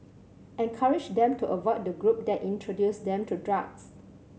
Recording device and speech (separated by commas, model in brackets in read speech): mobile phone (Samsung C7100), read sentence